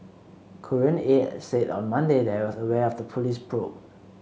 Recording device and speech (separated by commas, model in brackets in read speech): mobile phone (Samsung C7), read sentence